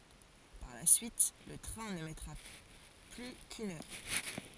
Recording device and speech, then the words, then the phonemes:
forehead accelerometer, read sentence
Par la suite, le train ne mettra plus qu’une heure.
paʁ la syit lə tʁɛ̃ nə mɛtʁa ply kyn œʁ

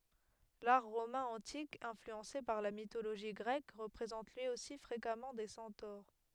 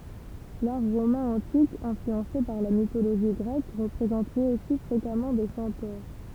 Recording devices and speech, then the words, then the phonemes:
headset microphone, temple vibration pickup, read sentence
L'art romain antique, influencé par la mythologie grecque, représente lui aussi fréquemment des centaures.
laʁ ʁomɛ̃ ɑ̃tik ɛ̃flyɑ̃se paʁ la mitoloʒi ɡʁɛk ʁəpʁezɑ̃t lyi osi fʁekamɑ̃ de sɑ̃toʁ

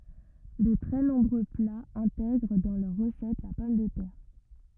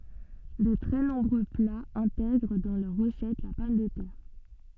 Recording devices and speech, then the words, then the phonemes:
rigid in-ear microphone, soft in-ear microphone, read sentence
De très nombreux plats intègrent dans leur recette la pomme de terre.
də tʁɛ nɔ̃bʁø plaz ɛ̃tɛɡʁ dɑ̃ lœʁ ʁəsɛt la pɔm də tɛʁ

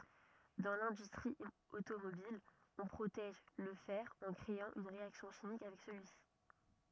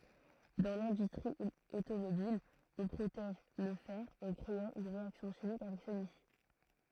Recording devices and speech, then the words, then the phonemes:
rigid in-ear microphone, throat microphone, read sentence
Dans l'industrie automobile, on protège le fer en créant une réaction chimique avec celui-ci.
dɑ̃ lɛ̃dystʁi otomobil ɔ̃ pʁotɛʒ lə fɛʁ ɑ̃ kʁeɑ̃ yn ʁeaksjɔ̃ ʃimik avɛk səlyisi

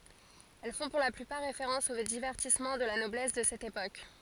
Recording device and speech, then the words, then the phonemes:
forehead accelerometer, read sentence
Elles font pour la plupart référence aux divertissements de la noblesse de cette époque.
ɛl fɔ̃ puʁ la plypaʁ ʁefeʁɑ̃s o divɛʁtismɑ̃ də la nɔblɛs də sɛt epok

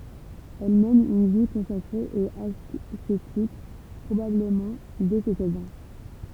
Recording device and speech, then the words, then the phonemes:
temple vibration pickup, read sentence
Elle mène une vie consacrée et ascétique, probablement dès ses seize ans.
ɛl mɛn yn vi kɔ̃sakʁe e asetik pʁobabləmɑ̃ dɛ se sɛz ɑ̃

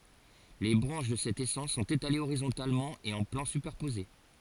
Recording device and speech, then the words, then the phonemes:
forehead accelerometer, read sentence
Les branches de cette essence sont étalées horizontalement et en plans superposés.
le bʁɑ̃ʃ də sɛt esɑ̃s sɔ̃t etalez oʁizɔ̃talmɑ̃ e ɑ̃ plɑ̃ sypɛʁpoze

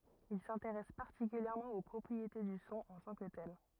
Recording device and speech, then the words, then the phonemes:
rigid in-ear microphone, read sentence
Il s'intéresse particulièrement aux propriétés du son en tant que tel.
il sɛ̃teʁɛs paʁtikyljɛʁmɑ̃ o pʁɔpʁiete dy sɔ̃ ɑ̃ tɑ̃ kə tɛl

